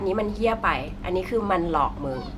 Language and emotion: Thai, angry